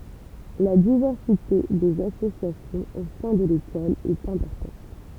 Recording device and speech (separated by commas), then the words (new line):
temple vibration pickup, read sentence
La diversité des associations au sein de l'école est importante.